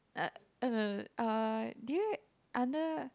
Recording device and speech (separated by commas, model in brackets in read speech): close-talking microphone, conversation in the same room